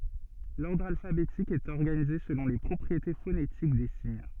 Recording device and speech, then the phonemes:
soft in-ear microphone, read sentence
lɔʁdʁ alfabetik ɛt ɔʁɡanize səlɔ̃ le pʁɔpʁiete fonetik de siɲ

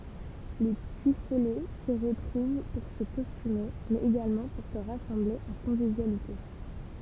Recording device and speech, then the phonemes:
temple vibration pickup, read sentence
le pyifolɛ si ʁətʁuv puʁ sə kɔstyme mɛz eɡalmɑ̃ puʁ sə ʁasɑ̃ble ɑ̃ kɔ̃vivjalite

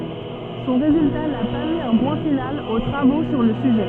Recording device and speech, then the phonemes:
soft in-ear microphone, read sentence
sɔ̃ ʁezylta na pa mi œ̃ pwɛ̃ final o tʁavo syʁ lə syʒɛ

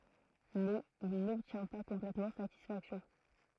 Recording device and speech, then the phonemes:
throat microphone, read sentence
mɛz il nɔbtjɛ̃ pa kɔ̃plɛtmɑ̃ satisfaksjɔ̃

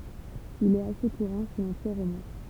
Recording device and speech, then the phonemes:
temple vibration pickup, read sentence
il ɛt ase kuʁɑ̃ su lɑ̃piʁ ʁomɛ̃

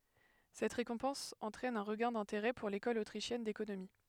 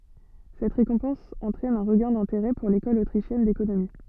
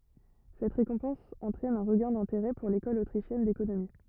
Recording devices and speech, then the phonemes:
headset microphone, soft in-ear microphone, rigid in-ear microphone, read sentence
sɛt ʁekɔ̃pɑ̃s ɑ̃tʁɛn œ̃ ʁəɡɛ̃ dɛ̃teʁɛ puʁ lekɔl otʁiʃjɛn dekonomi

